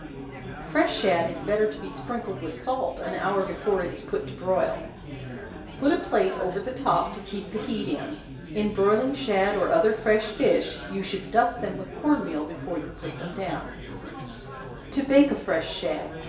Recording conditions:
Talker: one person; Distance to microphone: 1.8 m; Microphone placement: close; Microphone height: 1.0 m; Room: large; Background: babble

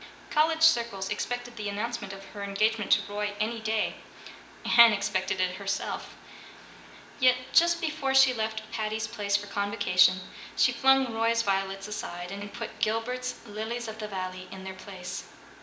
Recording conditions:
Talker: one person; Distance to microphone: 1.8 m; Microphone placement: close; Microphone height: 1.0 m; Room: large; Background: music

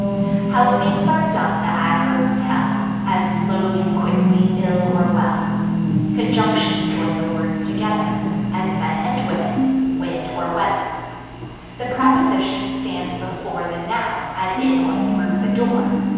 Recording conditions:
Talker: one person; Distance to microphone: 7.1 m; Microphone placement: far; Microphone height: 1.7 m; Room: very reverberant, large; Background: television

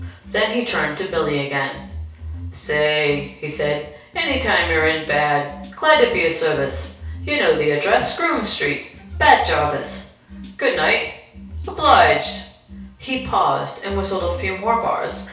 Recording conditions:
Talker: one person; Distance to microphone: 3.0 m; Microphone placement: far; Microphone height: 1.8 m; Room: small (3.7 m by 2.7 m); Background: music

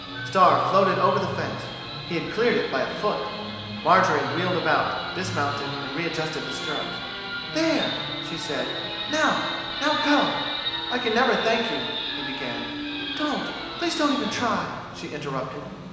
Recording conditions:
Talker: one person; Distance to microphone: 1.7 m; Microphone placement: close; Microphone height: 1.0 m; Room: very reverberant, large; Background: television

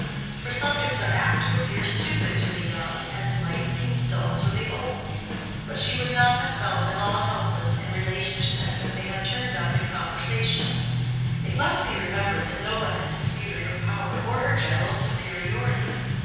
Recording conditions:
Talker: one person; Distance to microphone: 7.1 m; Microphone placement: far; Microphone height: 1.7 m; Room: very reverberant, large; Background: music

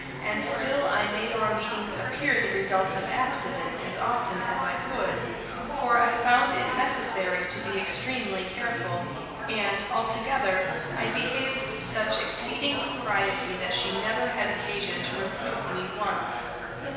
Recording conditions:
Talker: one person; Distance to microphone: 1.7 m; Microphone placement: close; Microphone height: 1.0 m; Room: very reverberant, large; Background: babble

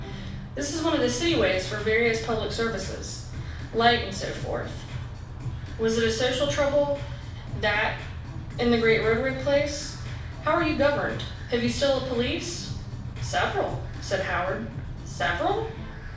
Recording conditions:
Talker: one person; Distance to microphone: 5.8 m; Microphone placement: far; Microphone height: 1.8 m; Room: medium-sized (5.7 m by 4.0 m); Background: music

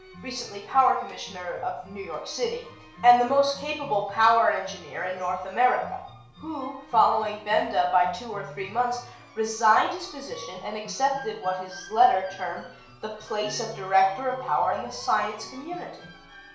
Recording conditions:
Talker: one person; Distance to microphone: 1.0 m; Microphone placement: close; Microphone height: 1.1 m; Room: small (3.7 m by 2.7 m); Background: music

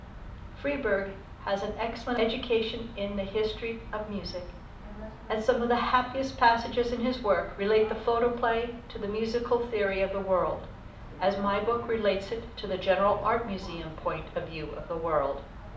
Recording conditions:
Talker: one person; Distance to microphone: 2.0 m; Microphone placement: close; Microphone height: 99 cm; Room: medium-sized (5.7 m by 4.0 m); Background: television

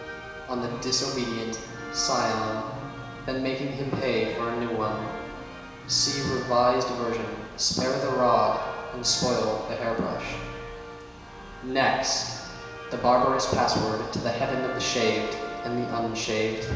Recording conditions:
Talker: one person; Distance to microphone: 1.7 m; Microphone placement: close; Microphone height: 1.0 m; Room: very reverberant, large; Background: music

